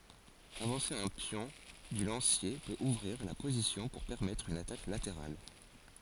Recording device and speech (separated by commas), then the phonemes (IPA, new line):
forehead accelerometer, read sentence
avɑ̃se œ̃ pjɔ̃ dy lɑ̃sje pøt uvʁiʁ la pozisjɔ̃ puʁ pɛʁmɛtʁ yn atak lateʁal